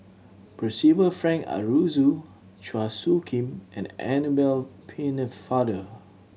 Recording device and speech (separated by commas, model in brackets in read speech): mobile phone (Samsung C7100), read sentence